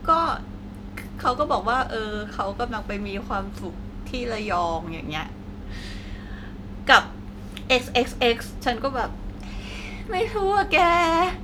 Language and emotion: Thai, frustrated